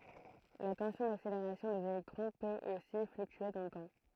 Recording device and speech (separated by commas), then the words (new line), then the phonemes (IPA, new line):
throat microphone, read sentence
La tension d'accélération des électrons peut aussi fluctuer dans le temps.
la tɑ̃sjɔ̃ dakseleʁasjɔ̃ dez elɛktʁɔ̃ pøt osi flyktye dɑ̃ lə tɑ̃